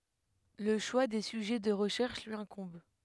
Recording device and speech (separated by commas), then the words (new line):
headset microphone, read sentence
Le choix des sujets de recherche lui incombe.